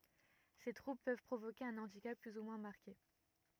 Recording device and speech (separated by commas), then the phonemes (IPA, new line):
rigid in-ear microphone, read sentence
se tʁubl pøv pʁovoke œ̃ ɑ̃dikap ply u mwɛ̃ maʁke